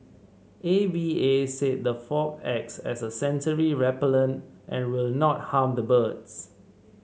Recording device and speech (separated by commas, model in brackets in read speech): mobile phone (Samsung C7), read sentence